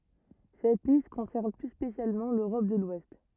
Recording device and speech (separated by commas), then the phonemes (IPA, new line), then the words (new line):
rigid in-ear microphone, read sentence
sɛt list kɔ̃sɛʁn ply spesjalmɑ̃ løʁɔp də lwɛst
Cette liste concerne plus spécialement l'Europe de l'Ouest.